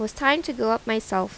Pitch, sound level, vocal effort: 225 Hz, 84 dB SPL, normal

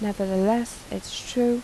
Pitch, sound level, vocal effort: 225 Hz, 81 dB SPL, soft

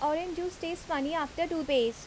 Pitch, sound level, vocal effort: 315 Hz, 84 dB SPL, normal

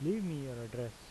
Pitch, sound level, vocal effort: 125 Hz, 84 dB SPL, normal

